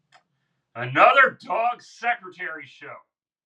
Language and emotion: English, angry